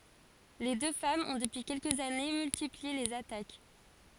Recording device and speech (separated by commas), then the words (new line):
forehead accelerometer, read sentence
Les deux femmes ont depuis quelques années, multiplié les attaques.